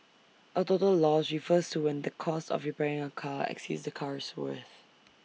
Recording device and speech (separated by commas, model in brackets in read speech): mobile phone (iPhone 6), read sentence